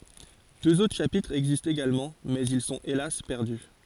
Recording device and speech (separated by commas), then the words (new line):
forehead accelerometer, read sentence
Deux autres chapitres existent également mais ils sont hélas perdus.